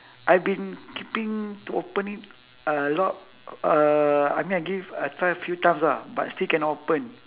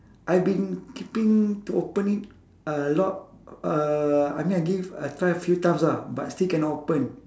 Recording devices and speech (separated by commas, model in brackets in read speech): telephone, standing microphone, conversation in separate rooms